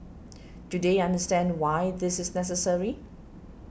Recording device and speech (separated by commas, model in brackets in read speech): boundary microphone (BM630), read sentence